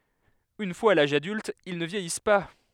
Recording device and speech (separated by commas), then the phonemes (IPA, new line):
headset microphone, read sentence
yn fwaz a laʒ adylt il nə vjɛjis pa